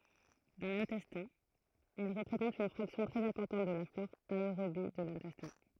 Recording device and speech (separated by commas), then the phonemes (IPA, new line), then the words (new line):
throat microphone, read sentence
dɑ̃ lɛ̃tɛstɛ̃ ɛl ʁəpʁezɑ̃tt yn fʁaksjɔ̃ tʁɛz ɛ̃pɔʁtɑ̃t də la flɔʁ aeʁobi də lɛ̃tɛstɛ̃
Dans l'intestin, elles représentent une fraction très importante de la flore aérobie de l'intestin.